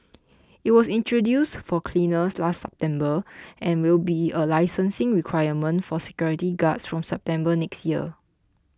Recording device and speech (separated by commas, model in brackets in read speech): close-talking microphone (WH20), read sentence